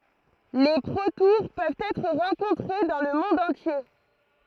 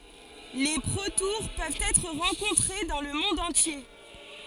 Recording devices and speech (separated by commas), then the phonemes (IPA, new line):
throat microphone, forehead accelerometer, read sentence
le pʁotuʁ pøvt ɛtʁ ʁɑ̃kɔ̃tʁe dɑ̃ lə mɔ̃d ɑ̃tje